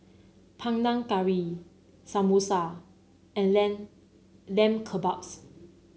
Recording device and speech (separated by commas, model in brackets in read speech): mobile phone (Samsung C9), read sentence